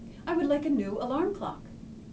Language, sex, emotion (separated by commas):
English, female, neutral